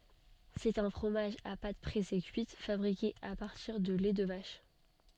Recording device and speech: soft in-ear microphone, read sentence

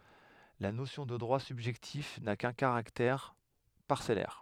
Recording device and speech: headset microphone, read sentence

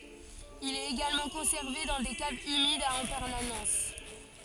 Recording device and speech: forehead accelerometer, read sentence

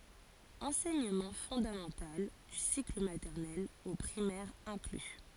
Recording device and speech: forehead accelerometer, read sentence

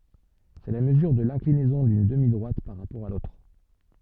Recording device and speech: soft in-ear microphone, read sentence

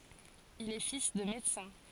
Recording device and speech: forehead accelerometer, read sentence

